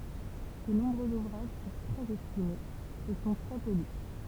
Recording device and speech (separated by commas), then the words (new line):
temple vibration pickup, read sentence
Ses nombreux ouvrages furent très estimés, et sont très peu lus.